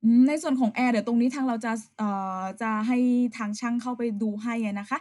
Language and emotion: Thai, neutral